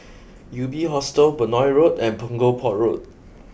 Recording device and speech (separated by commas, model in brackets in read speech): boundary microphone (BM630), read sentence